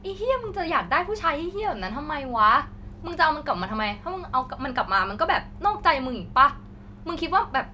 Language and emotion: Thai, frustrated